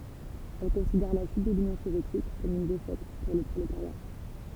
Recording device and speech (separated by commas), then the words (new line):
temple vibration pickup, read sentence
Elle considère la chute de l'Union soviétique comme une défaite pour le prolétariat.